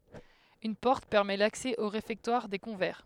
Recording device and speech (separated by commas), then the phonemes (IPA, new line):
headset microphone, read sentence
yn pɔʁt pɛʁmɛ laksɛ o ʁefɛktwaʁ de kɔ̃vɛʁ